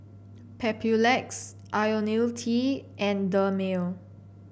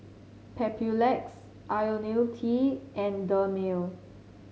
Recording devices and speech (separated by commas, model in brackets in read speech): boundary microphone (BM630), mobile phone (Samsung C7), read sentence